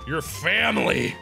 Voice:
evil voice